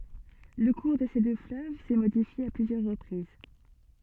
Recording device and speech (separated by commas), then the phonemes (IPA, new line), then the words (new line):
soft in-ear microphone, read sentence
lə kuʁ də se dø fløv sɛ modifje a plyzjœʁ ʁəpʁiz
Le cours de ces deux fleuves s'est modifié à plusieurs reprises.